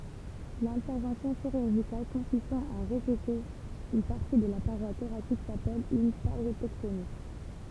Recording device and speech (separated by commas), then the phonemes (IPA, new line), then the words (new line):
temple vibration pickup, read sentence
lɛ̃tɛʁvɑ̃sjɔ̃ ʃiʁyʁʒikal kɔ̃sistɑ̃ a ʁezeke yn paʁti də la paʁwa toʁasik sapɛl yn paʁjetɛktomi
L'intervention chirurgicale consistant à réséquer une partie de la paroi thoracique s'appelle une pariétectomie.